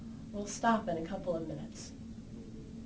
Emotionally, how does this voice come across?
sad